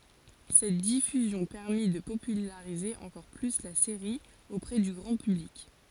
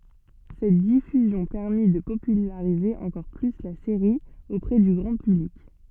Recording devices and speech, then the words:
forehead accelerometer, soft in-ear microphone, read sentence
Cette diffusion permit de populariser encore plus la série auprès du grand public.

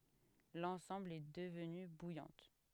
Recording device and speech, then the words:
headset microphone, read sentence
L'ensemble est devenu Bouillante.

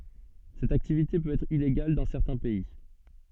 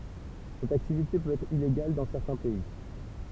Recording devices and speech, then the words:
soft in-ear microphone, temple vibration pickup, read sentence
Cette activité peut être illégale dans certains pays.

